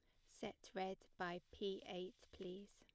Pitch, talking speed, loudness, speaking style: 190 Hz, 145 wpm, -50 LUFS, plain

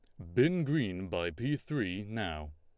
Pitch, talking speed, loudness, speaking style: 105 Hz, 165 wpm, -33 LUFS, Lombard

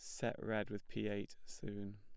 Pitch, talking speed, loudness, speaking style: 105 Hz, 205 wpm, -44 LUFS, plain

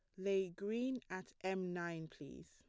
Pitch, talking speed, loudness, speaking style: 190 Hz, 160 wpm, -42 LUFS, plain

